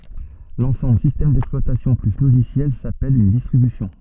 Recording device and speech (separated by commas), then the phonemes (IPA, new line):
soft in-ear microphone, read sentence
lɑ̃sɑ̃bl sistɛm dɛksplwatasjɔ̃ ply loʒisjɛl sapɛl yn distʁibysjɔ̃